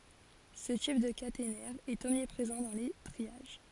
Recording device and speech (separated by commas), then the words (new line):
forehead accelerometer, read sentence
Ce type de caténaire est omniprésent dans les triages.